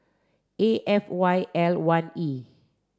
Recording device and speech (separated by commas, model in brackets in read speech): standing microphone (AKG C214), read sentence